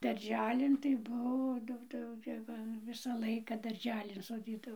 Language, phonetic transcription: Lithuanian, darˈželin tai ˈbuo ˈdaug tai jau gi ˈva ˈvisą ˈlaika darˈželin soˈdydavo

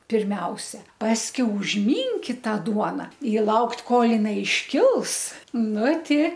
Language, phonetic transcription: Lithuanian, pirˈmiausia ˈpaskiau užˈmynkit ˈtą ˈduona i ˈlaukt' ˈkol jiˈnai išˈkils ˈnu ˈti

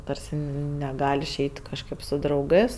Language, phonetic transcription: Lithuanian, ˈtarsi neˈgal' išˈeit' kažˈkɜp su drauˈgɜs

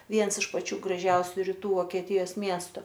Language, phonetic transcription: Lithuanian, ˈviens iš paˈčių graˈžiausiu ryˈtų vokieˈtijos ˈmiestu

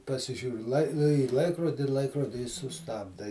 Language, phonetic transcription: Lithuanian, pasiˈžiūri lai į ˈlaikrodi ˈlaikrodi i suˈstabda i

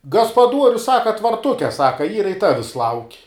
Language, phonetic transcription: Lithuanian, gaspaˈduorius ˈsaka tvarˈtuke ˈsaka ˈyra i ˈtavis lauk'

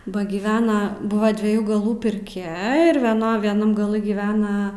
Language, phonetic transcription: Lithuanian, ˈba giˈvena ˈbuva dvieˈjų gaˈlų pirˈkia ir vieˈno vieˈnam gaˈlɨ giˈvena

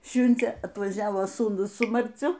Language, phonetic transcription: Lithuanian, ˈšiundzė atvaˈžiavo sūˈnus su marˈciu

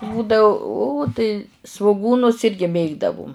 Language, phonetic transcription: Lithuanian, ˈbūdau ū tai svuˈgūnus ˈirgi ˈmėgdavum

